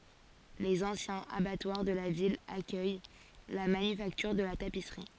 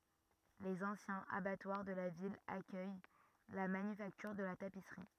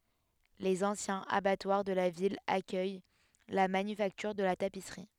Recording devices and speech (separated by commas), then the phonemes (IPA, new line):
forehead accelerometer, rigid in-ear microphone, headset microphone, read sentence
lez ɑ̃sjɛ̃z abatwaʁ də la vil akœj la manyfaktyʁ də la tapisʁi